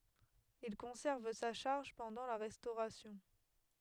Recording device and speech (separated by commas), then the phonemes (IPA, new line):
headset microphone, read sentence
il kɔ̃sɛʁv sa ʃaʁʒ pɑ̃dɑ̃ la ʁɛstoʁasjɔ̃